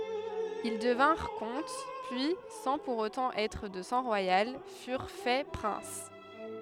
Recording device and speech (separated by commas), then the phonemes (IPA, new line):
headset microphone, read sentence
il dəvɛ̃ʁ kɔ̃t pyi sɑ̃ puʁ otɑ̃ ɛtʁ də sɑ̃ ʁwajal fyʁ fɛ pʁɛ̃s